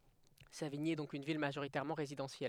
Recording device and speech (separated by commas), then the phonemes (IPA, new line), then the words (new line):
headset microphone, read sentence
saviɲi ɛ dɔ̃k yn vil maʒoʁitɛʁmɑ̃ ʁezidɑ̃sjɛl
Savigny est donc une ville majoritairement résidentielle.